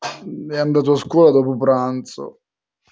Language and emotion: Italian, sad